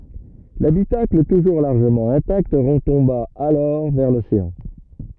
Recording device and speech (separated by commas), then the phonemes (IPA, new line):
rigid in-ear microphone, read sentence
labitakl tuʒuʁ laʁʒəmɑ̃ ɛ̃takt ʁətɔ̃ba alɔʁ vɛʁ loseɑ̃